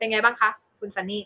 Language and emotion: Thai, neutral